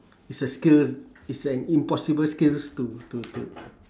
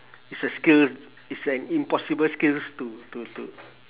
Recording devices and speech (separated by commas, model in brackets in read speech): standing microphone, telephone, conversation in separate rooms